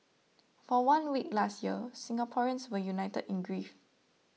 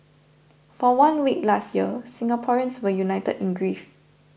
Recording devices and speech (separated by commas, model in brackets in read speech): mobile phone (iPhone 6), boundary microphone (BM630), read sentence